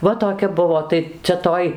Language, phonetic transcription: Lithuanian, ˈva toˈkia ˈbuvo ˈtai cia ˈtoj

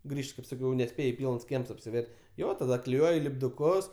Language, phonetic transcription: Lithuanian, ˈgrįžt kaip saˈkiau neˈspėj ˈpylns ˈkiems apsiˈver' ˈjo taˈda kliˈjuoj lipduˈkus

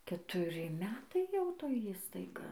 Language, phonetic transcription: Lithuanian, ketuˈri ˈmetai jau ˈtoj ˈįstaiga

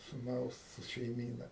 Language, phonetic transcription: Lithuanian, suˈnaus šeiˈmyna

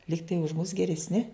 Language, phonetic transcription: Lithuanian, ˈlygtai už mus geresˈni

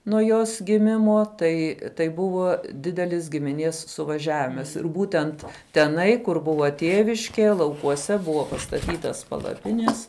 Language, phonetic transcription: Lithuanian, nuo ˈjos giˈmimo ˈtai tai ˈbuvo ˈdidelis gimiˈnies suvaˈžiavimas ir ˈbūtent teˈnai kur ˈbuva ˈtieviške laukuoˈse ˈbuvo pastaˈtytas palaˈpines

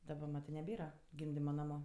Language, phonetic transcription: Lithuanian, daˈba ˈmatɜ neˈbėra ˈgimdima ˈnamu

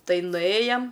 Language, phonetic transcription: Lithuanian, ˈtai nuˈėjam

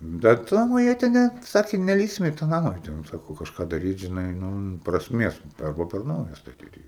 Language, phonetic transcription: Lithuanian, bet ˈnamo ˈjie ten ˈne ˈsaki neˈlįsim i tą ˈnama ˈjie ten ˈsaku o kažˈką daˈryt žiˈnai ˈnu prasˈmies ˈarba per ˈnauja staˈtyt jį

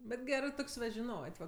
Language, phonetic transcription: Lithuanian, bet ˈgerɜ ˈtok's' va žiˈnot' va

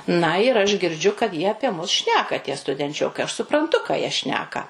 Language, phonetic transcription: Lithuanian, na ir aš girˈdžiu kad ˈjie apie ˈmus ˈšneka tie studenˈčiokai aš supranˈtu ką jie ˈšneka

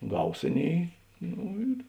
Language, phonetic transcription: Lithuanian, ˈgaus ˈaˌnėi ˈno ir

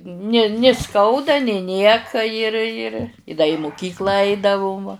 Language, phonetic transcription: Lithuanian, ni ni ˈskauda ni ˈnieka ir ir i da i muˈkyklą ˈaidavum va

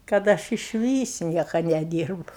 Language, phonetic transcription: Lithuanian, kad ˈaš išˈvys ˈnieka neˈdyrbu

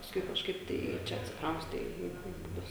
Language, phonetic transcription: Lithuanian, pasˈkui kažˈkaip ˈtai ˈčia atsikˈrauste i i buˈbius

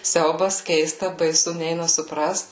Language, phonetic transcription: Lithuanian, ˈsiaubas ˈkeista baiˈsu ˈneina suˈprast

